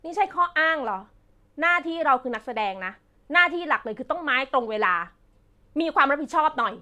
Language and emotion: Thai, angry